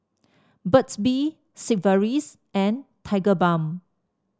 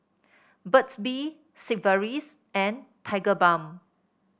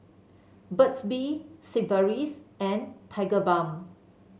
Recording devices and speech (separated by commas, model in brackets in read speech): standing microphone (AKG C214), boundary microphone (BM630), mobile phone (Samsung C7), read sentence